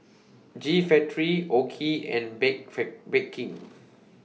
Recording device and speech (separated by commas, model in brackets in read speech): mobile phone (iPhone 6), read sentence